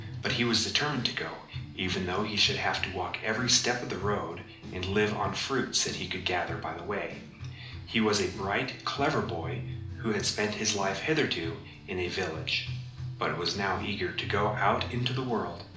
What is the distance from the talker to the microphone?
2.0 m.